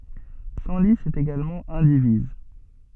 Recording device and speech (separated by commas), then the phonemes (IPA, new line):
soft in-ear microphone, read sentence
sɑ̃li ɛt eɡalmɑ̃ ɛ̃diviz